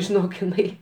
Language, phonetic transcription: Lithuanian, žiˈnok iˈnai

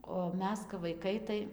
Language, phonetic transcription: Lithuanian, o ˈmes kap vaiˈkai tai

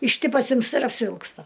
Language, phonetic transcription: Lithuanian, iš ˈty pasimsˈta ir apsivilksˈta

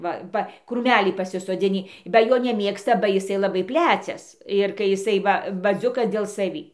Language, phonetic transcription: Lithuanian, ˈva ˈva krūˈmælį pasisoˈdzinį ba ˈjo neˈmėgsta ba jiˈsai laˈbai ˈplæcias ir kai jiˈsai ˈva baˈziukas dėl saˈvį

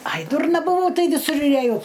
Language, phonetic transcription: Lithuanian, aj ˈdurna buˈvau ˈtai viˈsur ir eˈjau

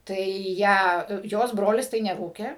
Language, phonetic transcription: Lithuanian, ˈtai ˈją ˈjos ˈbrolis tai neˈrūkė

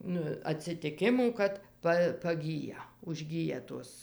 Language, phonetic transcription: Lithuanian, nu atsitiˈkimų kad ˈpa paˈgyja užˈgyja ˈtos

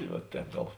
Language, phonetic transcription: Lithuanian, va ˈtēp ˈgal

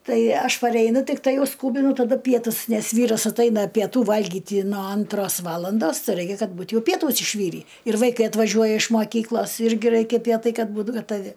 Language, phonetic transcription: Lithuanian, ˈtai ˈaš pareiˈnu tikˈtai ˈjau ˈskūbinu taˈdu ˈpietus nes ˈvyras atˈaina pieˈtų ˈvalgiti no ˈantros ˈvalandos ˈraikia ˈkad ˈbūt ˈjau ˈpietus išˈvyrį ir vaiˈkai atvaˈžiuoja iš moˈkyklos ˈirgi ˈraikia ˈpietai ˈkad ˈbūt gataˈvi

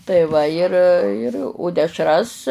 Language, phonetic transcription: Lithuanian, tai ˈva ir ir o dešˈras

